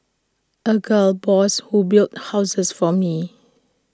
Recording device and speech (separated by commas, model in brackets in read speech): standing microphone (AKG C214), read sentence